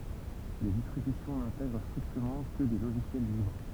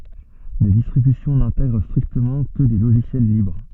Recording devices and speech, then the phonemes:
temple vibration pickup, soft in-ear microphone, read sentence
de distʁibysjɔ̃ nɛ̃tɛɡʁ stʁiktəmɑ̃ kə de loʒisjɛl libʁ

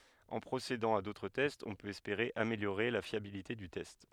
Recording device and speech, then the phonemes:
headset microphone, read sentence
ɑ̃ pʁosedɑ̃ a dotʁ tɛstz ɔ̃ pøt ɛspeʁe ameljoʁe la fjabilite dy tɛst

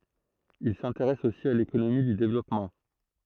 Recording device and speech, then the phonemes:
throat microphone, read sentence
il sɛ̃teʁɛs osi a lekonomi dy devlɔpmɑ̃

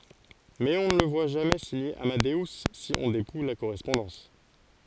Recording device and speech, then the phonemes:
forehead accelerometer, read sentence
mɛz ɔ̃ nə lə vwa ʒamɛ siɲe amadø si ɔ̃ depuj la koʁɛspɔ̃dɑ̃s

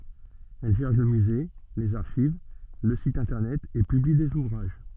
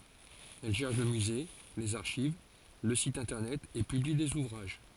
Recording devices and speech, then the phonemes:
soft in-ear microphone, forehead accelerometer, read sentence
ɛl ʒɛʁ lə myze lez aʁʃiv lə sit ɛ̃tɛʁnɛt e pybli dez uvʁaʒ

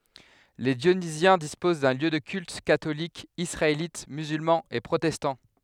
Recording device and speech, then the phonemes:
headset microphone, read sentence
le djonizjɛ̃ dispoz də ljø də kylt katolik isʁaelit myzylmɑ̃ e pʁotɛstɑ̃

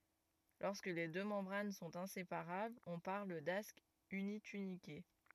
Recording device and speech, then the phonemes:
rigid in-ear microphone, read sentence
lɔʁskə le dø mɑ̃bʁan sɔ̃t ɛ̃sepaʁablz ɔ̃ paʁl dask ynitynike

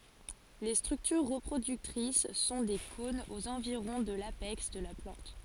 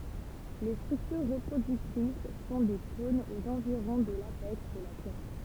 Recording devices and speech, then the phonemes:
forehead accelerometer, temple vibration pickup, read sentence
le stʁyktyʁ ʁəpʁodyktʁis sɔ̃ de kɔ̃nz oz ɑ̃viʁɔ̃ də lapɛks də la plɑ̃t

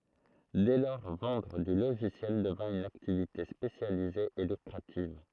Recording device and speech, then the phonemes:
throat microphone, read sentence
dɛ lɔʁ vɑ̃dʁ dy loʒisjɛl dəvɛ̃ yn aktivite spesjalize e lykʁativ

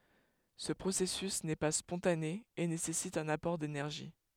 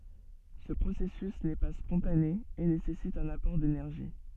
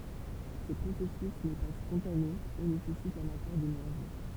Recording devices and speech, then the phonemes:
headset microphone, soft in-ear microphone, temple vibration pickup, read sentence
sə pʁosɛsys nɛ pa spɔ̃tane e nesɛsit œ̃n apɔʁ denɛʁʒi

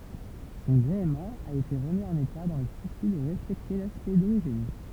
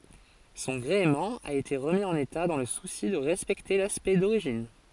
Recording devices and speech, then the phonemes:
temple vibration pickup, forehead accelerometer, read sentence
sɔ̃ ɡʁeəmɑ̃ a ete ʁəmi ɑ̃n eta dɑ̃ lə susi də ʁɛspɛkte laspɛkt doʁiʒin

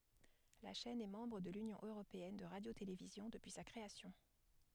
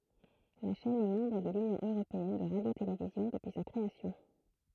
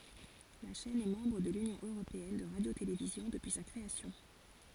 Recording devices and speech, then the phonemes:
headset microphone, throat microphone, forehead accelerometer, read sentence
la ʃɛn ɛ mɑ̃bʁ də lynjɔ̃ øʁopeɛn də ʁadjotelevizjɔ̃ dəpyi sa kʁeasjɔ̃

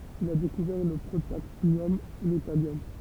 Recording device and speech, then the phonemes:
temple vibration pickup, read sentence
il a dekuvɛʁ lə pʁotaktinjɔm e lə taljɔm

